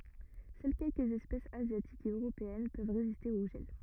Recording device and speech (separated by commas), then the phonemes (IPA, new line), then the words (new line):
rigid in-ear microphone, read sentence
sœl kɛlkəz ɛspɛsz azjatikz e øʁopeɛn pøv ʁeziste o ʒɛl
Seules quelques espèces asiatiques et européennes peuvent résister au gel.